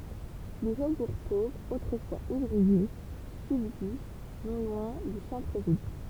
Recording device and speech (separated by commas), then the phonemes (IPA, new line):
temple vibration pickup, read sentence
de fobuʁ povʁz otʁəfwaz uvʁie sybzist nɔ̃ lwɛ̃ dy sɑ̃tʁəvil